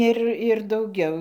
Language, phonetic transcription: Lithuanian, ˈir ir dauˈgiau

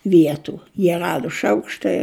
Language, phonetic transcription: Lithuanian, ˈvietu jie ˈradu ˈšaukštai

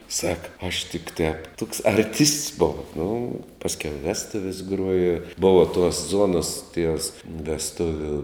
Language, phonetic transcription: Lithuanian, sak aš tik tēp tuks arˈtists ˈbov nu ˈpaskiau i ˈvestuvis ˈgruoja ˈbova tuos ˈzuonas ties vesˈtuviu

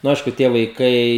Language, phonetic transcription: Lithuanian, nu ˈaišku tie vaiˈkai

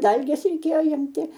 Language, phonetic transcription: Lithuanian, ˈdalgės reiˈkėjo ˈimti

